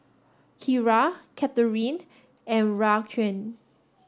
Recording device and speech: standing microphone (AKG C214), read sentence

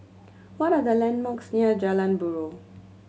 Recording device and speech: mobile phone (Samsung C7100), read sentence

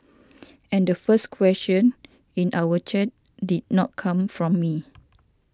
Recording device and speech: standing microphone (AKG C214), read sentence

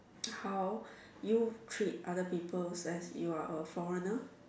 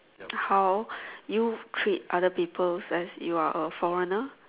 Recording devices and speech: standing microphone, telephone, conversation in separate rooms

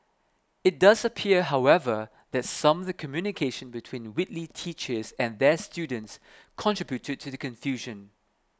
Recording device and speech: close-talking microphone (WH20), read sentence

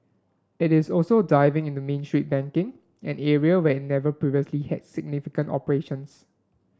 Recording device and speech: standing microphone (AKG C214), read sentence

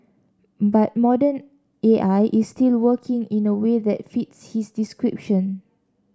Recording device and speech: standing microphone (AKG C214), read sentence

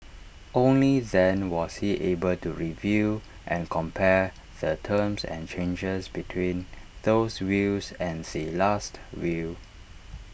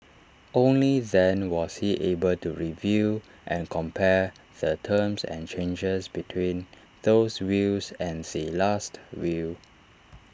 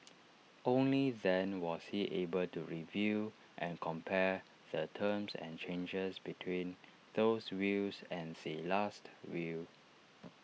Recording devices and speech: boundary microphone (BM630), standing microphone (AKG C214), mobile phone (iPhone 6), read sentence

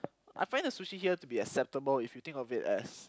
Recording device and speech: close-talking microphone, conversation in the same room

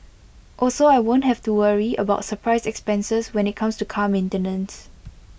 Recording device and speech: boundary microphone (BM630), read sentence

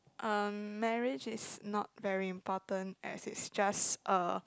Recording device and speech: close-talking microphone, conversation in the same room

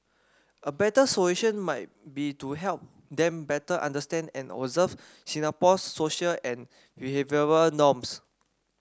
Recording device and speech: standing microphone (AKG C214), read sentence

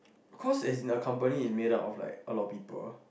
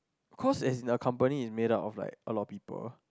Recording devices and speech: boundary microphone, close-talking microphone, conversation in the same room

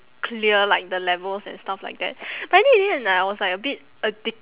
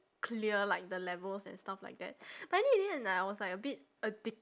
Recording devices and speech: telephone, standing microphone, conversation in separate rooms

